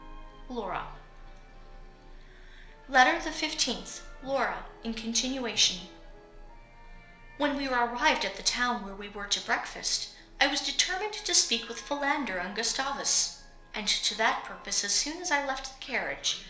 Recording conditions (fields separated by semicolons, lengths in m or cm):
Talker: one person; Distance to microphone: 1.0 m; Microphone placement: close; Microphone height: 1.1 m; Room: small (3.7 m by 2.7 m); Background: television